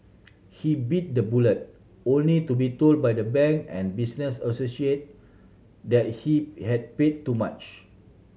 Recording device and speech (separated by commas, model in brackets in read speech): mobile phone (Samsung C7100), read sentence